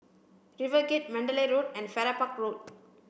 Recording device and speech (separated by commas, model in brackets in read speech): boundary microphone (BM630), read sentence